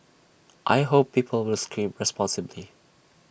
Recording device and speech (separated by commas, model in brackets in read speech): boundary microphone (BM630), read sentence